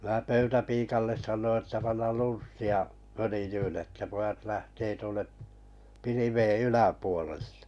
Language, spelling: Finnish, minä pöytäpiialle sanoin että panna lunssia följyyn että pojat lähtee tuonne pilvien yläpuolelle
- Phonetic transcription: mää 'pöytäpiikalles saǹoi että 'pannal "lunssi₍a , 'fölĭjyyn että 'pojat 'lähtee tuonne , 'pilivei "yläpuoleʟʟᴇ .

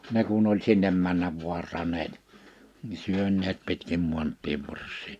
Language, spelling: Finnish, ne kun oli sinne mennä vaartaneet niin syöneet pitkin maantien varsia
- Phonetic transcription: 'ne kun ‿oĺ 'sinnem männäv 'vuartaneet , ni 'syönneet pitkim 'muant̆tiev 'vars̆sii .

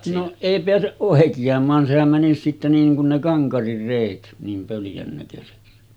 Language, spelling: Finnish, no ei pääse oikeamaan sehän menisi sitten niin kuin ne Kankarin reet niin pöljän näköisiksi
- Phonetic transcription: no’ , 'èi peäseˀ 'ˀòeki₍am̀aan sehäm mänis sitte 'niiŋ kun ne 'Kaŋkarir rèit , niim 'pöljän näkösiksi .

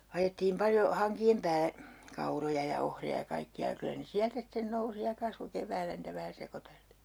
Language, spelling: Finnish, ajettiin paljon hankien päälle kauroja ja ohria ja kaikkia ja kyllä ne sieltä sitten nousi ja kasvoi keväällä niitä vähän sekoiteltiin
- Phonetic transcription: 'ajettiim 'paljo 'haŋki₍em pää(le) , "kauroja ja "ohri₍a ja 'kaikki₍a ja kylä ne "siältä sⁱten 'nousi ja 'kasvo 'kev̀äällä niitä vähä 'sekoteltii .

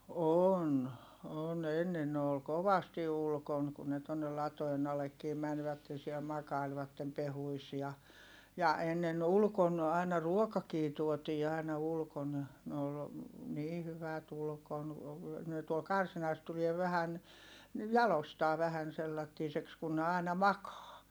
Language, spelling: Finnish, on on ennen ne oli kovasti ulkona kun ne tuonne latojen allekin menivät siellä makailivat pehkuissa ja ja ennen ulkona aina ruokakin tuotiin aina ulkona ne oli niin hyvät ulkona ne tuolla karsinassa tulee vähän niin jaloistaan vähän sellaisiksi kun ne aina makaa
- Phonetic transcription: on , on ennen ne ol kovasti ulkon kun ne tonnel latoen ‿alekkiim mänvätte siɛl makailvattem pehuis ja , ja ennen ulkon , àina ruokakii tuotii àina ulkon , ne ol , nii hyvät ‿ulkon , ne tuol karsinas tulie vähän , ni jalostaa vähän sellattiiseks kun ne àina makaa .

